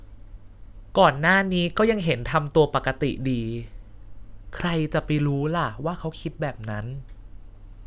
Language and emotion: Thai, sad